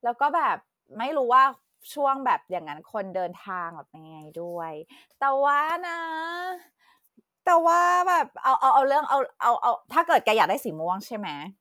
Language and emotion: Thai, happy